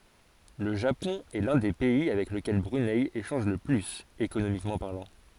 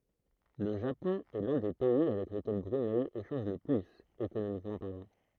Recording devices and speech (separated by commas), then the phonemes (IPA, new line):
forehead accelerometer, throat microphone, read sentence
lə ʒapɔ̃ ɛ lœ̃ de pɛi avɛk ləkɛl bʁynɛ eʃɑ̃ʒ lə plyz ekonomikmɑ̃ paʁlɑ̃